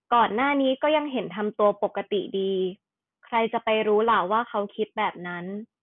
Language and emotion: Thai, neutral